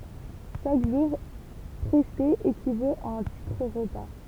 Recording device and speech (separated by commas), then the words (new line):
temple vibration pickup, read sentence
Chaque jour presté équivaut à un titre-repas.